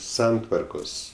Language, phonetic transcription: Lithuanian, ˈsantvarkos

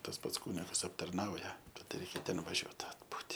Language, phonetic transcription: Lithuanian, tas ˈpats ˈkūnigas aptarˈnauja ˈtad ˈreikia ˈten vaˈžiuot atˈbūti

